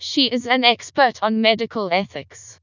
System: TTS, vocoder